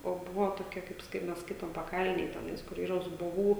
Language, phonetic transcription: Lithuanian, o ˈbuvo toˈkia kaip ˈskai mes ˈskaitom paˈkalnėj teˈnais kur ˈyra zuboˈvų

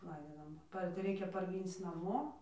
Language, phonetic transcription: Lithuanian, ˈlaidydavom ˈpar' tai ˈreikia parˈgync naˈmo

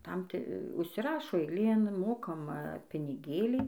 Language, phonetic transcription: Lithuanian, ˈtam ˈti užsiˈrašo eiˈlėn ˈmokama piniˈgėlį

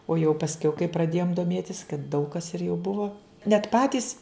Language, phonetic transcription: Lithuanian, o jau pasˈkiau kai praˈdėjom doˈmėtis kad daug kas ir jau ˈbuvo net ˈpatys

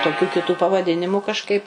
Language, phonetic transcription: Lithuanian, toˈkių kiˈtų pavaˈdinimu kažˈkaip

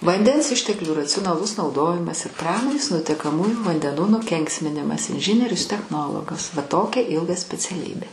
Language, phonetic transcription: Lithuanian, vanˈdens ˈišteklių raciunaˈlus nauˈdojimas ir ˈpramonės nutekaˈmųjų vandeˈnų nuˈkenksminimas inˈžinierius techˈnologas va ˈtokia ˈilga speciaˈlybė

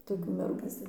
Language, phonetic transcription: Lithuanian, toˈkių merˈgų

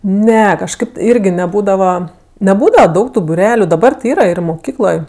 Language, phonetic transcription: Lithuanian, ˈne kažˈkaip ˈirgi neˈbūdava neˈbūdava ˈdaug tu buˈreliu daˈbar ti ˈyra ir moˈkykloj

